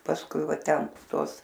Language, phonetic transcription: Lithuanian, pasˈkui ˈva ˈten ˈtuos

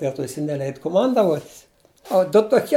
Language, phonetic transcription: Lithuanian, be ˈto jiˈsai neˈleid kuˈmandavuot' o du toˈkie

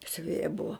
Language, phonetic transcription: Lithuanian, siuˈvėja ˈbuvo

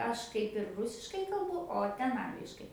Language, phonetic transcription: Lithuanian, ˈaš ˈkaip ir ˈrusiškai kalˈbu o ˈten ˈangliškai

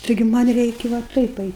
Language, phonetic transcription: Lithuanian, taiˈgi ˈman' ˈreiki va ˈtaip ˈait'

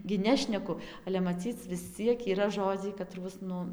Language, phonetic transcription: Lithuanian, gi ˈnešneku ale maˈcyc vis ˈciek yˈra ˈžodziai kaˈtruos ˈnu

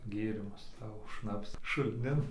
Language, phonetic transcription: Lithuanian, ˈgėrimus ˈsavo ˈšnapsa šulˈnin

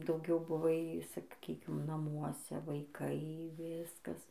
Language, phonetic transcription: Lithuanian, dauˈgiau buˈvai saˈkykim naˈmuose vaiˈkai ˈviskas

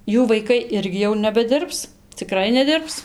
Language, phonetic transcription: Lithuanian, ˈjų vaiˈkai ˈirgi jau nebeˈdirbs ciˈkrai neˈdirbs

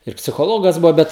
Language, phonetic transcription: Lithuanian, ir psichoˈlogas ˈbuvo ˈbet

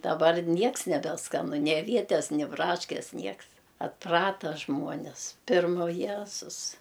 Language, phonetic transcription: Lithuanian, daˈbar ˈnieks nebeˈskanu ni aˈvietes ni ˈbraškes ˈnieks atˈprata ˈžmuonis ˈpirma u ˈjezus

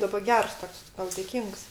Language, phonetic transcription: Lithuanian, ˈdaba ˈgers ˈtoks ˈtau dėˈkyngs

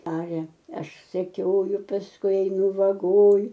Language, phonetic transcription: Lithuanian, ˈaria ˈaš seˈkioju pasˈkui eiˈnu vaˈgoj

